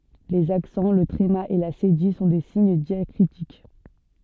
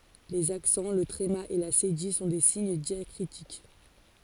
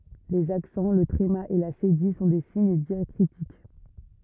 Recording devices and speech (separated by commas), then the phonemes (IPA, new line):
soft in-ear microphone, forehead accelerometer, rigid in-ear microphone, read sentence
lez aksɑ̃ lə tʁema e la sedij sɔ̃ de siɲ djakʁitik